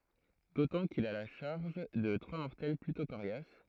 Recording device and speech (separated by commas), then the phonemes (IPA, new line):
throat microphone, read sentence
dotɑ̃ kil a la ʃaʁʒ də tʁwa mɔʁtɛl plytɔ̃ koʁjas